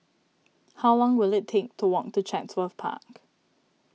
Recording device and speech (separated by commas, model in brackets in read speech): mobile phone (iPhone 6), read sentence